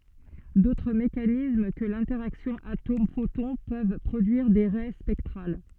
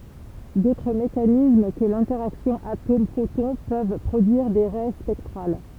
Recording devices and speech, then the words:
soft in-ear microphone, temple vibration pickup, read sentence
D'autres mécanismes que l'interaction atome-photon peuvent produire des raies spectrales.

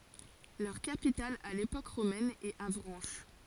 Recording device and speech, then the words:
forehead accelerometer, read sentence
Leur capitale à l'époque romaine est Avranches.

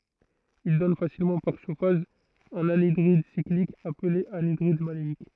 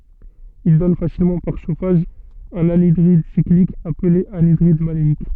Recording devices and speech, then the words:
throat microphone, soft in-ear microphone, read sentence
Il donne facilement par chauffage un anhydride cyclique appelé anhydride maléique.

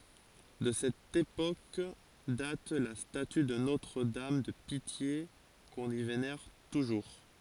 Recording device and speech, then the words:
forehead accelerometer, read sentence
De cette époque date la statue de Notre-Dame de Pitié qu'on y vénère toujours.

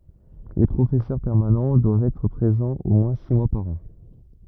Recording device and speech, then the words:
rigid in-ear microphone, read sentence
Les professeurs permanents doivent être présents au moins six mois par an.

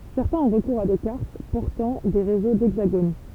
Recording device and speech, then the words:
temple vibration pickup, read sentence
Certains ont recours à des cartes portant des réseaux d'hexagones.

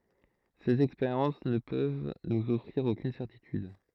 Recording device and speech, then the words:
throat microphone, read sentence
Ces expériences ne peuvent nous offrir aucune certitude.

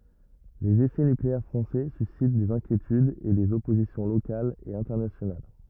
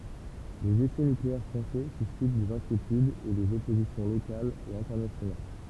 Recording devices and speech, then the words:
rigid in-ear microphone, temple vibration pickup, read sentence
Les essais nucléaires français suscitent des inquiétudes et des oppositions locales et internationales.

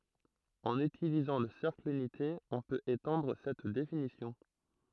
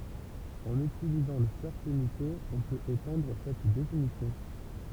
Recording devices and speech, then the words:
throat microphone, temple vibration pickup, read sentence
En utilisant le cercle unité, on peut étendre cette définition.

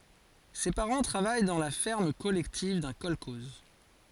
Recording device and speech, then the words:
forehead accelerometer, read sentence
Ses parents travaillent dans la ferme collective d'un kolkhoze.

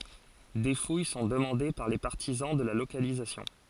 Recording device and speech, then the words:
forehead accelerometer, read sentence
Des fouilles sont demandées par les partisans de la localisation.

